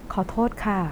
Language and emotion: Thai, neutral